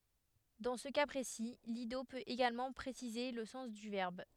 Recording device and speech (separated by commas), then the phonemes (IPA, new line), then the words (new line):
headset microphone, read sentence
dɑ̃ sə ka pʁesi lido pøt eɡalmɑ̃ pʁesize lə sɑ̃s dy vɛʁb
Dans ce cas précis, l'ido peut également préciser le sens du verbe.